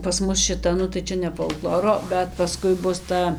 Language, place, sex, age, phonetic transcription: Lithuanian, Dzūkija, female, 18-60, pas ˈmus šiˈta nu tai ˈčia ne folˈkloro bet paˈskui ˈbus ˈta

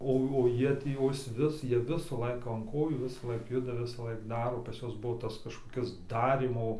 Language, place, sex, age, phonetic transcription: Lithuanian, Dzūkija, male, 18-60, ˈo o ˈjie tį o ˈis vis ˈjie ˈvisa ˈlaika an ˈkojų ˈvisalaik ˈjuda ˈvisalaik ˈdaro pas ˈjuos ˈbuo ˈtas kažkoˈkis ˈdarymo

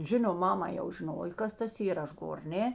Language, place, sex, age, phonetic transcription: Lithuanian, Žemaitija, female, 60+, ˈžinom ˈmama jau žiˈnoj ˈkas tas ˈyra ˈaš ˈgor ˈne

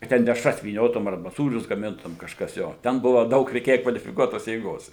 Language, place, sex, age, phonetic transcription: Lithuanian, Suvalkija, male, 60+, ka ˈten dešˈras vyˈniotum arˈba ˈsūrius gaˈmintum kažˈkas ˈjo ˈten ˈbuva ˈdaug reiˈkėja kvalifiˈkuotos jėˈgos

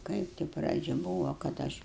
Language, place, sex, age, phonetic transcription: Lithuanian, Aukštaitija, female, 60+, ˈkaip ti ˈpradžia būvo kad ˈaš

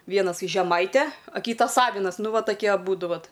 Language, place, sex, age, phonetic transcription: Lithuanian, Aukštaitija, female, 18-60, ˈvienas į žeˈmaitę a ˈkytas ˈavinas ˈnu ˈva taˈkie aˈbūdu ˈvat

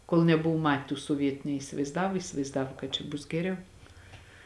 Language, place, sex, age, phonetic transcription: Lithuanian, Žemaitija, female, 18-60, kol neˈbuvu ˈmat' tų soˈvietu neisivaizˈdavo įsivaizˈdavo kad čia ˈbus geˈriau

